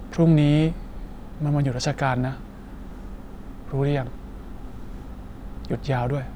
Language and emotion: Thai, neutral